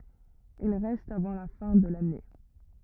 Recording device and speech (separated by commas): rigid in-ear microphone, read sentence